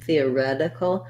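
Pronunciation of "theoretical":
In 'theoretical', the stress falls on the 'ret' syllable, and the T after it sounds more like a D, as a flap.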